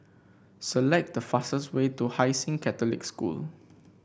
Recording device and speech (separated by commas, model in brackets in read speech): boundary microphone (BM630), read sentence